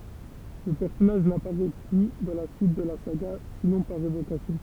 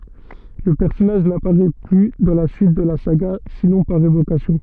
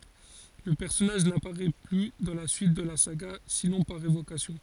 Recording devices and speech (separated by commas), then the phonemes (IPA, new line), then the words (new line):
temple vibration pickup, soft in-ear microphone, forehead accelerometer, read sentence
lə pɛʁsɔnaʒ napaʁɛ ply dɑ̃ la syit də la saɡa sinɔ̃ paʁ evokasjɔ̃
Le personnage n'apparait plus dans la suite de la saga, sinon par évocations.